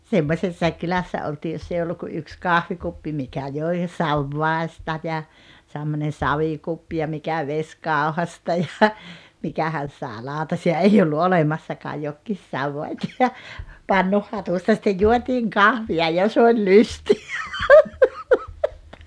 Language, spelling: Finnish, semmoisessa kylässä oltiin jos ei ollut kuin yksi kahvikuppi mikä joi savivadista ja semmoinen savikuppi ja mikä vesikauhasta ja mikähän saa lautasia ei ollut olemassakaan jokin savivati ja pannunhatusta sitten juotiin kahvia ja se oli lystiä
- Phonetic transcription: 'semmośessaik 'kylässä 'oltii joss ‿ei olluk ku 'yks 'kahvikuppi 'mikä 'joi , "savvàesta ja , semmonen 'sa-vikuppi ja 'mikä "veśkàohasta ja , 'mikähän̬ saaᵉ , 'làutasi₍a 'ei ollu "olemassakaa jokkiis 'savvat́ ja , "pannuhhatusta sittej 'juotiiŋ "kahvi₍a ja 's ‿oĺ "lysti₍ä .

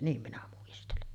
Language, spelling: Finnish, niin minä muistelen
- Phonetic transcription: 'niim minä muistelen .

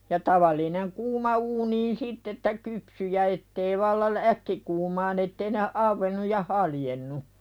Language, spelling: Finnish, ja tavallinen kuuma uuniin sitten että kypsyi ja että ei vallan - äkkikuumaan että ei ne auennut ja haljennut
- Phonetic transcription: ja 'taval̀ineŋ kuuma uuniin "sitt ‿että "kypsy ja ettei valla l- , "äkkikuumaan ‿ettei ne , "avvennuj ja "haljennu .

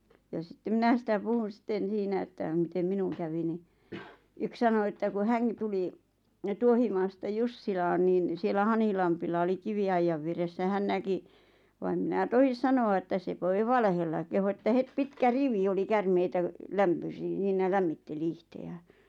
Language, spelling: Finnish, ja sitten minä sitä puhun sitten siinä että miten minun kävi niin yksi sanoi että kun hänkin tuli Tuohimaasta Jussilaan niin siellä Hanhilammella oli kiviaidan vieressä hän näki vaan en minä tohdi sanoa että se voi valehdella kehui että heti pitkä rivi oli käärmeitä - siinä lämmitteli itseään
- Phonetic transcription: ja sⁱttem 'minä sⁱtä 'puhun̬ 'sⁱtten̬ 'siinä että mitem 'minuŋ kävi ni , 'yk sano että ku "häŋkɪ tuli , 'Tuohimaasta 'Jussilaan niin siel̆lä 'Hanhilampilla oli 'kivi₍aijjav vieressä 'hän näki , va em minä "tohis 'sanoa että se voi 'valehella kehu että 'het 'pitkä "rivi oli 'kärmeitä , 'lämpösi- ˢiinä "lämmitteli 'ihte₍ᴀ̈ᴀ̈ɴ .

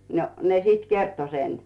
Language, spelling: Finnish, no ne sitten kertoi sen
- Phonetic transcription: no 'ne sit "kerto 'sen .

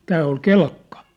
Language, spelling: Finnish, tämä oli Kelkka
- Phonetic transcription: tää oi "Kelkkᴀ .

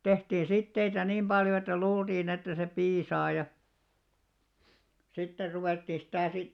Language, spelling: Finnish, tehtiin siteitä niin paljon että luultiin että se piisaa ja sitten ruvettiin sitä sitten
- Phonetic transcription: 'tehtiin̬ 'sitteitä niim 'ʙaljo että 'luultiin ‿että se 'piisaa ja , 'sitter 'ruvèttì sitä̀ sit ,.

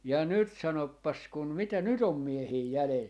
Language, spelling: Finnish, ja nyt sanopas kun mitä nyt on miehiä jäljellä
- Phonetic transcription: ja "nyt 'sanoppas kun , 'mitä "nyt ‿om 'miehii 'jälel .

